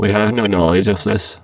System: VC, spectral filtering